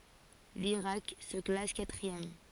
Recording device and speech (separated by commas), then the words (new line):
forehead accelerometer, read sentence
L'Irak se classe quatrième.